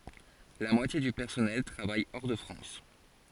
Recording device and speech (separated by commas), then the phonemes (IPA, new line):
forehead accelerometer, read sentence
la mwatje dy pɛʁsɔnɛl tʁavaj ɔʁ də fʁɑ̃s